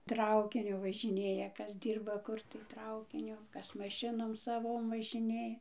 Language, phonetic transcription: Lithuanian, ˈtraukiniu važiˈnėja ˈkas ˈdyrba ˈkur tai ˈtraukiniu ˈkas maˈšinom saˈvom važiˈnė

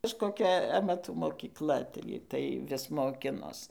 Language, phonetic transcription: Lithuanian, kažkoˈkia amaˈtų mokyˈkla ˈtaigi tai ˈvis moˈkinos

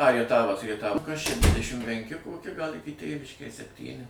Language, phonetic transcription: Lithuanian, a rieˈtavas rieˈtava kas čia ˈdvidešim penˈki koˈki gal ˈiki ˈtėviškės sepˈtyni

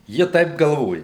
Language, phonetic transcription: Lithuanian, ˈji ˈtaip galˈvoja

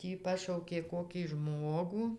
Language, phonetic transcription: Lithuanian, ˈtį ˈpašaukė ˈkokį ˈžmogu

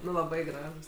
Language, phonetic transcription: Lithuanian, ˈnu laˈbai ˈgražūs

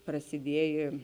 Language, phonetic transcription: Lithuanian, prasiˈdiejė

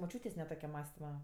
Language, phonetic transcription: Lithuanian, moˈčiūtės' ne ˈtoke ˈmąstima

